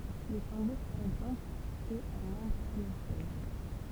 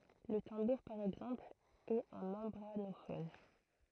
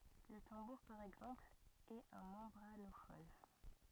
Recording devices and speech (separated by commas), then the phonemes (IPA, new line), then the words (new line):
temple vibration pickup, throat microphone, rigid in-ear microphone, read sentence
lə tɑ̃buʁ paʁ ɛɡzɑ̃pl ɛt œ̃ mɑ̃bʁanofɔn
Le tambour par exemple, est un membranophone.